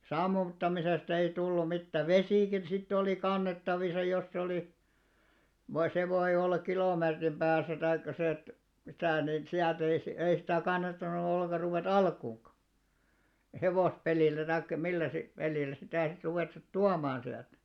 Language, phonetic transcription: Finnish, 'sammuttamisesta ei 'tullu 'mittä , "vesìkin sitt ‿olì 'kannettavisa jos se olì , no se voi'ʲ ‿ollak "kilòmeetrim ʙääsä taikka sⁱ et , '(mitä̀) nin 'siält ‿ei , 'ei sitä̀ kannattanu olleka 'ruvè"t ‿alkuuŋka , "hevòspelìl̆lä taikkᵃ 'millä sit , 'pelìl̆lä sitä̀ sit 'ruvèttut "tuamaan 'siält .
- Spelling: sammuttamisesta ei tullut mitään vesikin sitten oli kannettavissa jos se oli no se voi olla kilometrin päässä tai se että mitä niin sieltä ei ei sitä kannattanut ollenkaan ruveta alkuunkaan hevospelillä tai millä sitten pelillä sitä sitten ruveta tuomaan sieltä

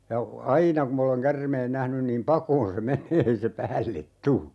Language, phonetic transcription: Finnish, ja , "aina kum m ‿oleŋ 'kärmeen 'nähnyn niim "pakoon se 'menee ei se "päället "tu .
- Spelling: ja aina kun minä olen käärmeen nähnyt niin pakoon se menee ei se päälle tule

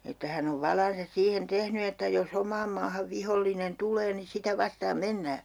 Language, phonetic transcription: Finnish, että 'hän ‿ov 'valansas 'siihen 'tehny että jo's ‿om̆maam maahav 'vihollinen 'tul̀ee ni 'sitä 'vastaam "mennää .
- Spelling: että hän on valansa siihen tehnyt että jos omaan maahan vihollinen tulee niin sitä vastaan mennään

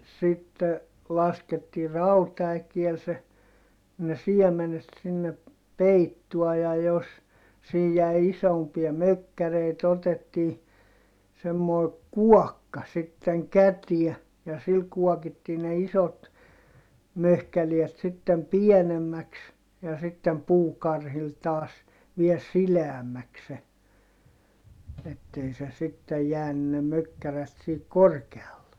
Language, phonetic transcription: Finnish, sitte , laskettii rauta₍äkiel se , ne siɛmenet sinne , peittuɔ ja jos , siij jäi isompia mökkäreit ‿otettii , semmoi̮ kuɔkka sitteŋ kätiɛ , ja sil kuɔkittii ne isot , möhkäliɛt sittem pienemmäks , ja sittem puukarhil taas , viel sileämmäks se , ettei se sittej jääny ne mökkärät sihik korkealle .
- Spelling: sitten laskettiin rautaäkeellä se ne siemenet sinne peittoon ja jos siinä jäi isompia mökkäreitä otettiin semmoinen kuokka sitten käteen ja sillä kuokittiin ne isot möhkäleet sitten pienemmäksi ja sitten puukarhilla taas vielä sileämmäksi se että ei se sitten jäänyt ne mökkäreet siihen korkealle

